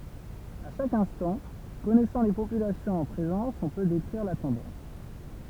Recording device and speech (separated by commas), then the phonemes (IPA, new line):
temple vibration pickup, read sentence
a ʃak ɛ̃stɑ̃ kɔnɛsɑ̃ le popylasjɔ̃z ɑ̃ pʁezɑ̃s ɔ̃ pø dekʁiʁ la tɑ̃dɑ̃s